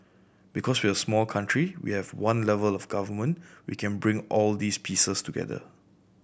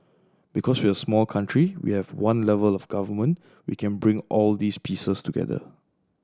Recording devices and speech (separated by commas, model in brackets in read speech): boundary microphone (BM630), standing microphone (AKG C214), read sentence